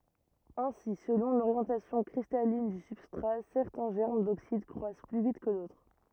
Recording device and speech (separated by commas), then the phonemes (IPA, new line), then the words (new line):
rigid in-ear microphone, read sentence
ɛ̃si səlɔ̃ loʁjɑ̃tasjɔ̃ kʁistalin dy sybstʁa sɛʁtɛ̃ ʒɛʁm doksid kʁwas ply vit kə dotʁ
Ainsi, selon l'orientation cristalline du substrat, certains germes d'oxyde croissent plus vite que d'autres.